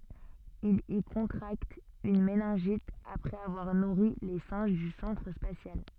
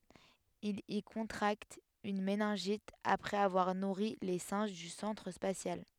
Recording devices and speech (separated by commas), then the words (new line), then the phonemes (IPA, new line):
soft in-ear microphone, headset microphone, read sentence
Il y contracte une méningite après avoir nourri les singes du centre spatial.
il i kɔ̃tʁakt yn menɛ̃ʒit apʁɛz avwaʁ nuʁi le sɛ̃ʒ dy sɑ̃tʁ spasjal